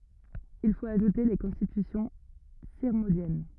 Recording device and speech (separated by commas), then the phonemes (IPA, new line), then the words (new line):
rigid in-ear microphone, read sentence
il fot aʒute le kɔ̃stitysjɔ̃ siʁmɔ̃djɛn
Il faut ajouter les Constitutions sirmondiennes.